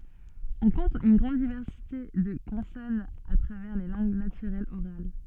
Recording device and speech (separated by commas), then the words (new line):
soft in-ear microphone, read sentence
On compte une grande diversité de consonnes à travers les langues naturelles orales.